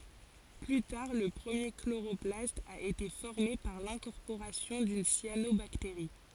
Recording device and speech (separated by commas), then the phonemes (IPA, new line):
forehead accelerometer, read sentence
ply taʁ lə pʁəmje kloʁɔplast a ete fɔʁme paʁ lɛ̃kɔʁpoʁasjɔ̃ dyn sjanobakteʁi